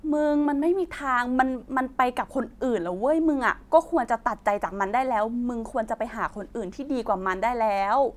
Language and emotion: Thai, frustrated